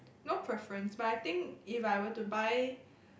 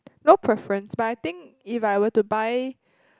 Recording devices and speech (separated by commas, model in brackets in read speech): boundary microphone, close-talking microphone, conversation in the same room